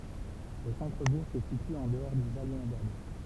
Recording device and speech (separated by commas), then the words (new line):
temple vibration pickup, read sentence
Le centre-bourg se situe en dehors du val inondable.